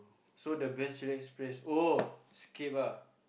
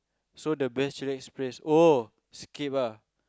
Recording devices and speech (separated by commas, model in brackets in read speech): boundary microphone, close-talking microphone, conversation in the same room